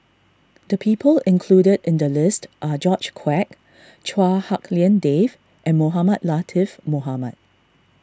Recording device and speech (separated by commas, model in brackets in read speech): standing microphone (AKG C214), read sentence